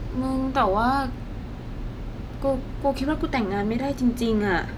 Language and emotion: Thai, frustrated